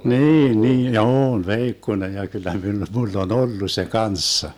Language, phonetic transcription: Finnish, 'niin 'niin , ja 'oon "veikkonej ja kyllä mi- 'mull ‿on "ollu se "kanssa .
- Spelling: niin niin ja on veikkonen ja kyllä - minulla on ollut se kanssa

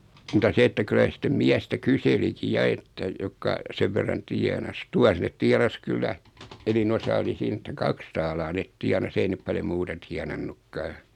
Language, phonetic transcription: Finnish, muta 'se että 'kylä se 'sⁱt-tem "miästä 'kyseliki 'ja että , 'jokka , 'sev verran 'tiɛnas 'tuas net 'tianas 'kyllä , eni'n ‿osa oli 'siin ‿että "kaks taalaa 'net "tianas 'ei nep 'paljo "muuta 'tianannukkaa .
- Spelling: mutta se että kyllä se sitten miestä kyselikin ja että jotka sen verran tienasi tuossa ne tienasi kyllä enin osa oli siinä että kaksi taalaa ne tienasi ei ne paljon muuta tienannutkaan

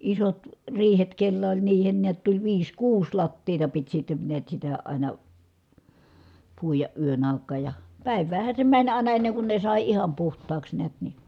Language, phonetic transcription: Finnish, isot , riihet kellä oĺ niihen niät tuĺ viis kuus lattiita pit sitte niät sitä àina , puijaʼ ʼyön ài̮k̆kaaj ja , pä̀iv̀äähän̬ se mäń àina enneŋ kun ne sài iham puht̀aaks neät ni .
- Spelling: isot riihet kenellä oli niihin näet tuli viisi kuusi lattiaa piti sitten näet sitä aina puida yön aikaan ja päiväänhän se meni aina ennen kuin ne sai ihan puhtaaksi näet niin

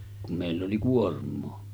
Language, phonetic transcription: Finnish, kum mèill ‿oli 'kuorm̆moo .
- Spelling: kun meillä oli kuormaa

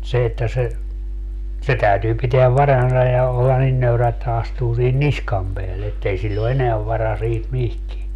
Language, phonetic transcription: Finnish, mut 'se että se , 'se 'täytyy piteäv "varansa ja olla "nin nöyrä että 'astuu sihin "niskam peälle ettei 'siĺl ‿o "eneäv vara siit "mihkie .
- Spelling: mutta se että se se täytyy pitää varansa ja olla niin nöyrä että astuu siihen niskan päälle että ei sillä ole enää varaa siitä mihinkään

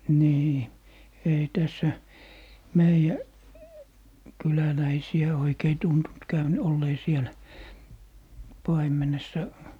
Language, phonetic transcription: Finnish, nii , ei 'tässä , "meijä , 'kyläläisi₍ä 'oikei tuntunt 'käyn - 'ollee "sielä , 'paim̀enessa .
- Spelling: niin ei tässä meidän kyläläisiä oikein tuntunut - olleen siellä paimenessa

